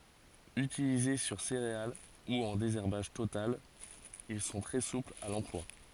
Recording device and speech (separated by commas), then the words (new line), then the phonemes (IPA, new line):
forehead accelerometer, read sentence
Utilisés sur céréales ou en désherbage total, ils sont très souples à l'emploi.
ytilize syʁ seʁeal u ɑ̃ dezɛʁbaʒ total il sɔ̃ tʁɛ suplz a lɑ̃plwa